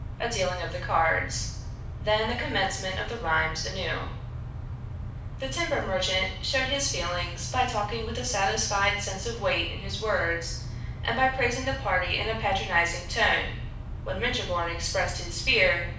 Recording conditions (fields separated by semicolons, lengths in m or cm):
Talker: one person; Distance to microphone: 5.8 m; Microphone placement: far; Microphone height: 1.8 m; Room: medium-sized (5.7 m by 4.0 m); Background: none